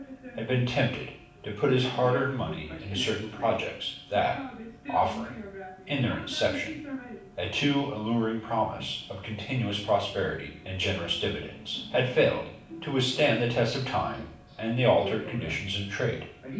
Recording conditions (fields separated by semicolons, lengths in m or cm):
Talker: one person; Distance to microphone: 5.8 m; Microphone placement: far; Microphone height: 1.8 m; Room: medium-sized (5.7 m by 4.0 m); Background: television